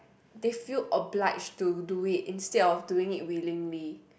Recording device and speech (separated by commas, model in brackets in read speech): boundary microphone, conversation in the same room